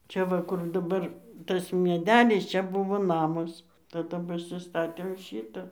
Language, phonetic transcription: Lithuanian, ˈčia va kur daˈbar ˈtas mieˈdelis ˈčia ˈbuvo ˈnamas taˈda pasiˈstatėm ˈšyta

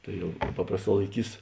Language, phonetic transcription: Lithuanian, ˈtai jau ˈpaprasˌtā laiˈkys

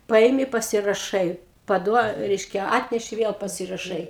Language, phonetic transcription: Lithuanian, ˈpaimi pasiraˈšai paˈduo ˈreiškia ˈatneši ˈviel pasiraˈšai

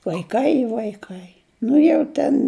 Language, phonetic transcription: Lithuanian, vaiˈkai i vaiˈkai ˈnu jau ˈten

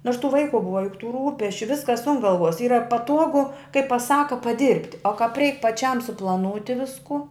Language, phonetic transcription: Lithuanian, nors tų ˈvaiku ˈbuva juk tų ˈrūpesčiu ˈviskas un ˈgalvuos ˈyra paˈtuogu kai paˈsaku paˈdirbt' o kap reik paˈčiam suplaˈnūti ˈvisku

